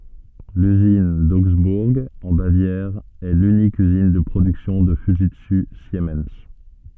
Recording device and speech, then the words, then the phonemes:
soft in-ear microphone, read sentence
L'usine d'Augsbourg, en Bavière, est l'unique usine de production de Fujitsu Siemens.
lyzin doɡzbuʁ ɑ̃ bavjɛʁ ɛ lynik yzin də pʁodyksjɔ̃ də fyʒitsy simɛn

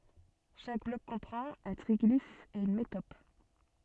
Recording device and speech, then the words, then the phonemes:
soft in-ear microphone, read sentence
Chaque bloc comprend un triglyphe et une métope.
ʃak blɔk kɔ̃pʁɑ̃t œ̃ tʁiɡlif e yn metɔp

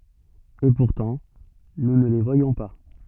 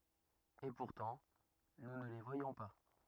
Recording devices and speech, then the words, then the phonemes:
soft in-ear microphone, rigid in-ear microphone, read sentence
Et pourtant, nous ne les voyons pas.
e puʁtɑ̃ nu nə le vwajɔ̃ pa

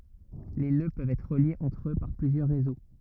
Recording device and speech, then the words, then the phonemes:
rigid in-ear microphone, read sentence
Les nœuds peuvent être reliés entre eux par plusieurs réseaux.
le nø pøvt ɛtʁ ʁəljez ɑ̃tʁ ø paʁ plyzjœʁ ʁezo

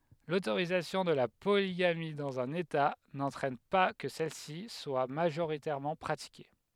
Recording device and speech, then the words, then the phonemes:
headset microphone, read sentence
L'autorisation de la polygamie dans un État n'entraîne pas que celle-ci soit majoritairement pratiquée.
lotoʁizasjɔ̃ də la poliɡami dɑ̃z œ̃n eta nɑ̃tʁɛn pa kə sɛlsi swa maʒoʁitɛʁmɑ̃ pʁatike

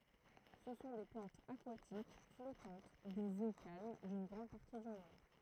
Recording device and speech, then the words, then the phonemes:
throat microphone, read sentence
Ce sont des plantes aquatiques, flottantes, des eaux calmes d'une grande partie du monde.
sə sɔ̃ de plɑ̃tz akwatik flɔtɑ̃t dez o kalm dyn ɡʁɑ̃d paʁti dy mɔ̃d

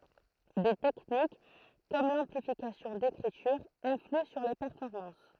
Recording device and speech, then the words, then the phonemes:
throat microphone, read sentence
Des techniques comme l'amplification d'écriture influent sur les performances.
de tɛknik kɔm lɑ̃plifikasjɔ̃ dekʁityʁ ɛ̃flyɑ̃ syʁ le pɛʁfɔʁmɑ̃s

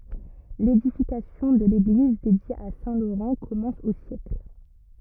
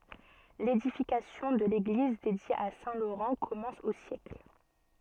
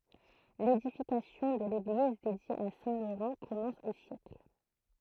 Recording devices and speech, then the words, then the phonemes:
rigid in-ear microphone, soft in-ear microphone, throat microphone, read sentence
L'édification de l'église dédiée à saint Laurent commence au siècle.
ledifikasjɔ̃ də leɡliz dedje a sɛ̃ loʁɑ̃ kɔmɑ̃s o sjɛkl

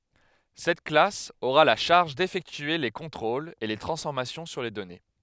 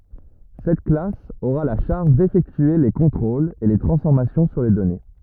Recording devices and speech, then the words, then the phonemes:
headset microphone, rigid in-ear microphone, read sentence
Cette classe aura la charge d'effectuer les contrôles et les transformations sur les données.
sɛt klas oʁa la ʃaʁʒ defɛktye le kɔ̃tʁolz e le tʁɑ̃sfɔʁmasjɔ̃ syʁ le dɔne

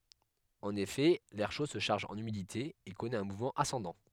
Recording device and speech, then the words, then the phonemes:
headset microphone, read sentence
En effet, l'air chaud se charge en humidité et connaît un mouvement ascendant.
ɑ̃n efɛ lɛʁ ʃo sə ʃaʁʒ ɑ̃n ymidite e kɔnɛt œ̃ muvmɑ̃ asɑ̃dɑ̃

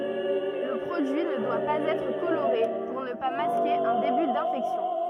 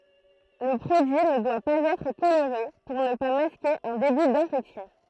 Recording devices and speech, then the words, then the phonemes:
rigid in-ear microphone, throat microphone, read sentence
Le produit ne doit pas être coloré pour ne pas masquer un début d'infection.
lə pʁodyi nə dwa paz ɛtʁ koloʁe puʁ nə pa maske œ̃ deby dɛ̃fɛksjɔ̃

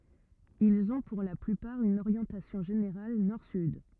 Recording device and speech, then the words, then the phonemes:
rigid in-ear microphone, read sentence
Ils ont pour la plupart une orientation générale nord-sud.
ilz ɔ̃ puʁ la plypaʁ yn oʁjɑ̃tasjɔ̃ ʒeneʁal nɔʁ syd

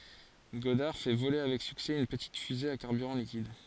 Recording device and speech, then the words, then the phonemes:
forehead accelerometer, read sentence
Goddard fait voler avec succès une petite fusée à carburant liquide.
ɡɔdaʁ fɛ vole avɛk syksɛ yn pətit fyze a kaʁbyʁɑ̃ likid

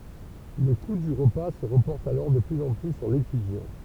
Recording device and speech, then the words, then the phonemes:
temple vibration pickup, read sentence
Le coût du repas se reporte alors de plus en plus sur l'étudiant.
lə ku dy ʁəpa sə ʁəpɔʁt alɔʁ də plyz ɑ̃ ply syʁ letydjɑ̃

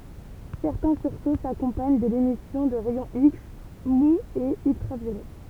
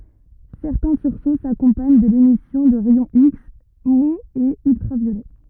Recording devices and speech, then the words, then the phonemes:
temple vibration pickup, rigid in-ear microphone, read sentence
Certains sursauts s'accompagnent de l'émission de rayons X mous et ultraviolets.
sɛʁtɛ̃ syʁso sakɔ̃paɲ də lemisjɔ̃ də ʁɛjɔ̃ iks muz e yltʁavjolɛ

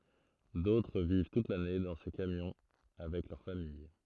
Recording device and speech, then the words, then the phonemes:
throat microphone, read sentence
D'autres vivent toute l'année dans ces camions avec leur famille.
dotʁ viv tut lane dɑ̃ se kamjɔ̃ avɛk lœʁ famij

